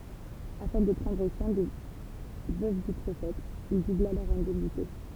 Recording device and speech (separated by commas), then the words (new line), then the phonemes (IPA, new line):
temple vibration pickup, read sentence
Afin de prendre soin des veuves du prophète, il doubla leurs indemnités.
afɛ̃ də pʁɑ̃dʁ swɛ̃ de vøv dy pʁofɛt il dubla lœʁz ɛ̃dɛmnite